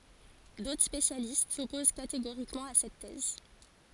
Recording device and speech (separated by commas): forehead accelerometer, read sentence